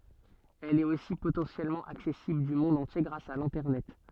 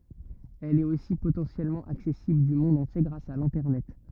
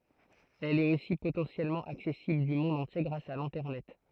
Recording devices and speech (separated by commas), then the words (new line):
soft in-ear microphone, rigid in-ear microphone, throat microphone, read sentence
Elle est aussi potentiellement accessible du monde entier grâce à l'Internet.